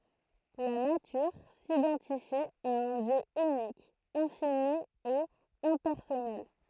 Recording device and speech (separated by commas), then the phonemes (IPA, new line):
throat microphone, read sentence
la natyʁ sidɑ̃tifi a œ̃ djø ynik ɛ̃fini e ɛ̃pɛʁsɔnɛl